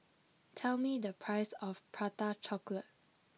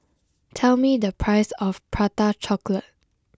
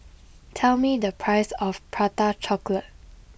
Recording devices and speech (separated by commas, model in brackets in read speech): mobile phone (iPhone 6), close-talking microphone (WH20), boundary microphone (BM630), read sentence